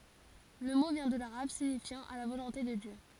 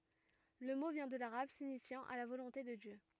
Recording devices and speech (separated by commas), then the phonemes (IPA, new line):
forehead accelerometer, rigid in-ear microphone, read sentence
lə mo vjɛ̃ də laʁab siɲifjɑ̃ a la volɔ̃te də djø